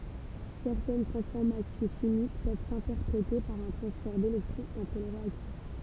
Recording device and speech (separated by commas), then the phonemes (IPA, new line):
temple vibration pickup, read sentence
sɛʁtɛn tʁɑ̃sfɔʁmasjɔ̃ ʃimik pøv sɛ̃tɛʁpʁete paʁ œ̃ tʁɑ̃sfɛʁ delɛktʁɔ̃z ɑ̃tʁ le ʁeaktif